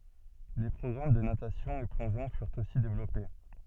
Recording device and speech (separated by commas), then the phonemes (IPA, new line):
soft in-ear microphone, read sentence
le pʁɔɡʁam də natasjɔ̃ e plɔ̃ʒɔ̃ fyʁt osi devlɔpe